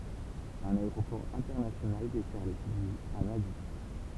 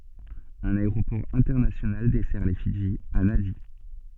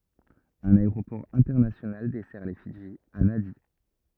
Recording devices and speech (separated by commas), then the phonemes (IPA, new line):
temple vibration pickup, soft in-ear microphone, rigid in-ear microphone, read sentence
œ̃n aeʁopɔʁ ɛ̃tɛʁnasjonal dɛsɛʁ le fidʒi a nadi